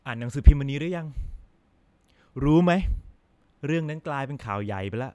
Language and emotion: Thai, neutral